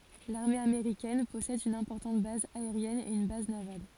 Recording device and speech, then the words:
forehead accelerometer, read sentence
L'armée américaine possède une importante base aérienne et une base navale.

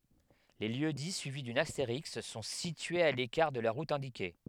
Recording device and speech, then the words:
headset microphone, read sentence
Les lieux-dits suivis d'une astérisque sont situés à l'écart de la route indiquée.

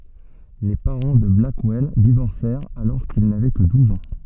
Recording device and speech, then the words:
soft in-ear microphone, read sentence
Les parents de Blackwell divorcèrent alors qu'il n'avait que douze ans.

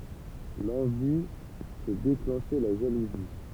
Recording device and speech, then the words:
temple vibration pickup, read sentence
L'envie peut déclencher la jalousie.

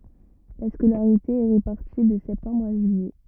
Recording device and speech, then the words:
rigid in-ear microphone, read sentence
La scolarité est répartie de septembre à juillet.

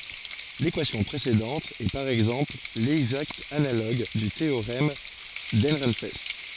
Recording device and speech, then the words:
forehead accelerometer, read sentence
L'équation précédente est par exemple l'exacte analogue du théorème d'Ehrenfest.

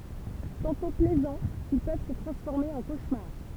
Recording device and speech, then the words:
temple vibration pickup, read sentence
Tantôt plaisants, ils peuvent se transformer en cauchemar.

